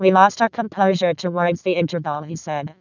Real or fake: fake